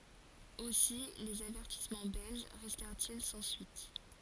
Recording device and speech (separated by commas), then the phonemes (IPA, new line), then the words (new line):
forehead accelerometer, read sentence
osi lez avɛʁtismɑ̃ bɛlʒ ʁɛstɛʁt il sɑ̃ syit
Aussi, les avertissements belges restèrent-ils sans suite.